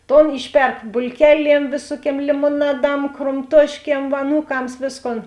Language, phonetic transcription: Lithuanian, ˈton ˈišˌperk bulˈkeˌliem ˈvėsuoˌkiem limoˈnaˌdam kromˈtuošˌkiem aˈnūˌkams ˈvėsˌkon

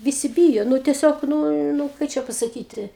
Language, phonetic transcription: Lithuanian, viˈsi ˈbyjo ˈnu teˈsiog ˈnū nu ˈkai čia pasaˈkyti

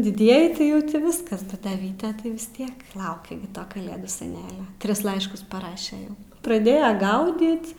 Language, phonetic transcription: Lithuanian, diˈdieji tai ˈjau ˈti ˈviskas ˈbet da ˈvyte tai vis ˈtiek ˈlaukia gi ˈto kaˈlėdų seˈnelio ˈtris ˈlaiškus paˈraše ˈjau praˈdėja ˈgaudyt

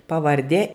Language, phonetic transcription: Lithuanian, pavarˈdė

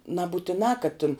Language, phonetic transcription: Lithuanian, nabutiˈnā kad tin

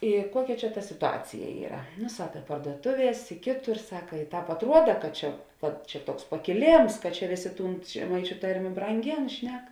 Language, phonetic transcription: Lithuanian, i ˈkuoˌkia ˈčia ta situˈacija ˈyra nu ˈsaka parduoˈtuˌvies i ˈkėˌtur ˈsaka i ˈtāp atˈruoda kad ˈčia kad ˈčia ˈtuoks pakiˈlėms kad čia ˈvėˌsė ˈtūn žeˈmaičiu ˈtarmė branˈgėn ˈšnek

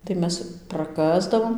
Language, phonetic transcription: Lithuanian, tai ˈmes praˈkasdavom

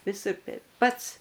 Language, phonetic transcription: Lithuanian, viˈsur ˈteip ˈpats

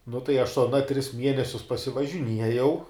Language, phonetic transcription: Lithuanian, nu tai aš su aˈna tris ˈmienesius pasivažiˈniejau

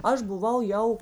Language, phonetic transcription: Lithuanian, ˈaš buˈvau ˈjau

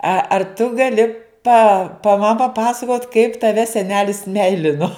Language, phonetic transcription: Lithuanian, a ar tu gaˈli pa pa ma paˈpasakot kaip taˈve seˈnelis ˈmeilino

